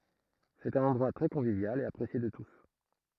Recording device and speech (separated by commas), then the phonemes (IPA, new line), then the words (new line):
throat microphone, read sentence
sɛt œ̃n ɑ̃dʁwa tʁɛ kɔ̃vivjal e apʁesje də tus
C'est un endroit très convivial et apprécié de tous!